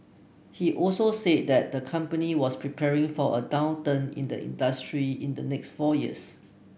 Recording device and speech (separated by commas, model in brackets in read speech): boundary microphone (BM630), read sentence